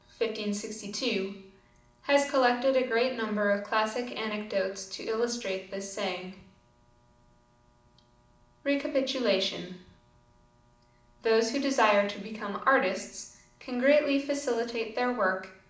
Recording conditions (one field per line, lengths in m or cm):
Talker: one person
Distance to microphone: 2.0 m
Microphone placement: close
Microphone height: 99 cm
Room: medium-sized (5.7 m by 4.0 m)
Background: none